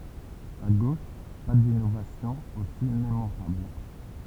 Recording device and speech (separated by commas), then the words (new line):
temple vibration pickup, read sentence
À gauche, pas d’innovations aussi mémorables.